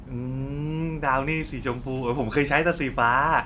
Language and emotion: Thai, happy